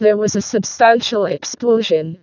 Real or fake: fake